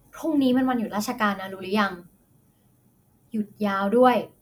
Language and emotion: Thai, frustrated